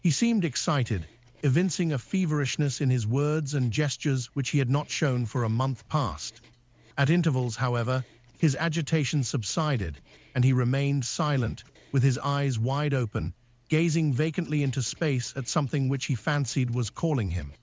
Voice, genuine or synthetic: synthetic